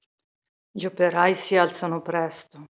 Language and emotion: Italian, neutral